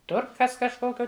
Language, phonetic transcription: Lithuanian, ˈtur ˈkas kažˈkokio

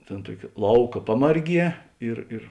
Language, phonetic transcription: Lithuanian, ˈtėn ˈtuoki ˈlauka ˈpamarˌgie ir ir

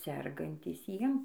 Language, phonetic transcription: Lithuanian, ˈsergantys ˈjiem

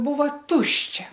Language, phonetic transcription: Lithuanian, ˈbūva ˈtuščia

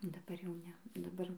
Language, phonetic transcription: Lithuanian, daˈbar jau ˈne daˈbar

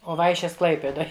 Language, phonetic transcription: Lithuanian, o ˈvaišės ˈklaipėdoj

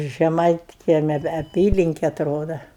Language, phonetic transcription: Lithuanian, žeˈmaitkiemia ve aˈpylinke atˈroda

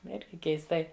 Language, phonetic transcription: Lithuanian, ˈirgi keisˈtai

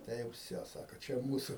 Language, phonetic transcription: Lithuanian, ˈtai jau ˈvsio ˈsaku ˈčia ˈmūsu

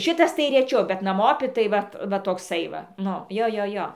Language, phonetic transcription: Lithuanian, ˈšitas tai reˈčiau bet naˈmopi tai ˈvat ˈva tokˈsai va ˈnu ˈjo ˈjo ˈjo

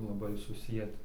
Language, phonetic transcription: Lithuanian, laˈbai suˈsieti

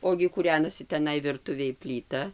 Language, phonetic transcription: Lithuanian, ˈogi kūˈrenasi teˈnai virˈtuvėj plyˈta

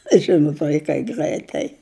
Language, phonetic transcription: Lithuanian, ˈžinut vaiˈkai ˈgraitai

